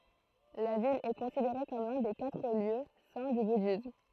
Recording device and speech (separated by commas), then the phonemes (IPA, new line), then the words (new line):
throat microphone, read sentence
la vil ɛ kɔ̃sideʁe kɔm lœ̃ de katʁ ljø sɛ̃ dy budism
La ville est considérée comme l'un des quatre lieux saints du bouddhisme.